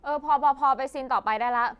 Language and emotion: Thai, frustrated